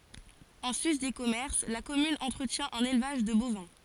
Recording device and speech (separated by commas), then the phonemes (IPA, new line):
forehead accelerometer, read sentence
ɑ̃ sys de kɔmɛʁs la kɔmyn ɑ̃tʁətjɛ̃ œ̃n elvaʒ də bovɛ̃